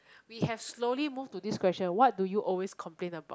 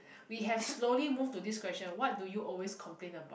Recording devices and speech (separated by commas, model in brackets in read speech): close-talking microphone, boundary microphone, conversation in the same room